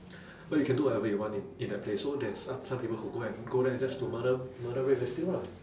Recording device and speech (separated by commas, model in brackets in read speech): standing microphone, conversation in separate rooms